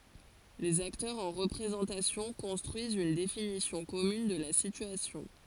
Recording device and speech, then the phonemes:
forehead accelerometer, read sentence
lez aktœʁz ɑ̃ ʁəpʁezɑ̃tasjɔ̃ kɔ̃stʁyizt yn definisjɔ̃ kɔmyn də la sityasjɔ̃

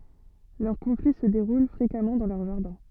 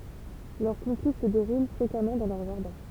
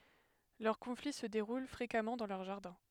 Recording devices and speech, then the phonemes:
soft in-ear microphone, temple vibration pickup, headset microphone, read sentence
lœʁ kɔ̃fli sə deʁul fʁekamɑ̃ dɑ̃ lœʁ ʒaʁdɛ̃

